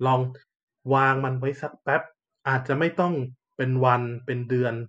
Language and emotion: Thai, neutral